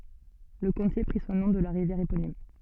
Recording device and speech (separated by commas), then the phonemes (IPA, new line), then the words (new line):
soft in-ear microphone, read sentence
lə kɔ̃te pʁi sɔ̃ nɔ̃ də la ʁivjɛʁ eponim
Le comté prit son nom de la rivière éponyme.